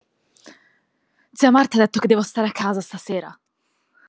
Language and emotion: Italian, angry